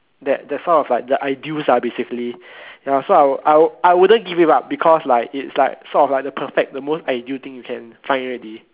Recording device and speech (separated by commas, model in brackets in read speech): telephone, conversation in separate rooms